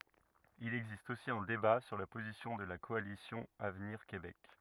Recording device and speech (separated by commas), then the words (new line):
rigid in-ear microphone, read sentence
Il existe aussi un débat sur la position de la Coalition avenir Québec.